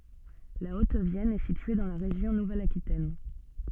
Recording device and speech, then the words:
soft in-ear microphone, read sentence
La Haute-Vienne est située dans la région Nouvelle-Aquitaine.

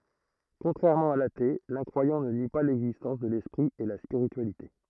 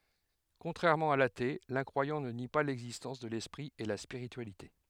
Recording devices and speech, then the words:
throat microphone, headset microphone, read sentence
Contrairement à l'athée, l'incroyant ne nie pas l'existence de l'esprit et la spiritualité.

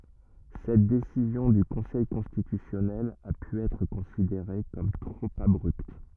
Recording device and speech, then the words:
rigid in-ear microphone, read sentence
Cette décision du Conseil constitutionnel a pu être considérée comme trop abrupte.

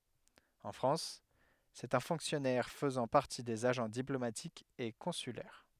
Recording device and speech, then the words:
headset microphone, read sentence
En France, c’est un fonctionnaire faisant partie des agents diplomatiques et consulaires.

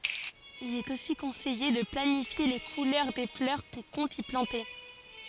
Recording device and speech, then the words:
forehead accelerometer, read sentence
Il est aussi conseillé de planifier les couleurs des fleurs qu'on compte y planter.

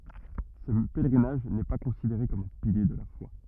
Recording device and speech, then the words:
rigid in-ear microphone, read sentence
Ce pèlerinage n’est pas considéré comme un pilier de la foi.

